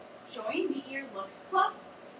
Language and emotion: English, surprised